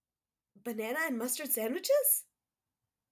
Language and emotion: English, surprised